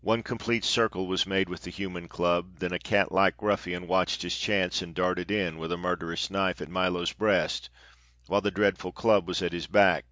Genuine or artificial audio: genuine